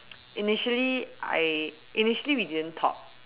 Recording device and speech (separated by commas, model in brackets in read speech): telephone, conversation in separate rooms